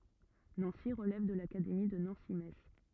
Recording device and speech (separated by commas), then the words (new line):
rigid in-ear microphone, read sentence
Nancy relève de l'académie de Nancy-Metz.